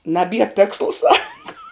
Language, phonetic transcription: Lithuanian, naˈbie ˈtėksla ˈsaka

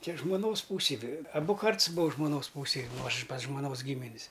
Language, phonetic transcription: Lithuanian, ˈčia žmoˈnos ˈpūsej ve aˈbu ˈkarts būa žmoˈnos ˈpūsėj ˈnu ˈaš pas žmoˈnos ˈgymin's

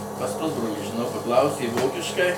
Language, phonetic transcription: Lithuanian, pas ˈpusbrolį žiˈnau paˈklausė ˈvokiškai

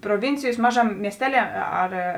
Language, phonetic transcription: Lithuanian, proˈvincijos ˈmažaˌmė miesˈteˌlie ˈar

